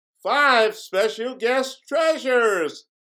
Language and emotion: English, happy